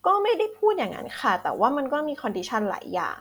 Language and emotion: Thai, neutral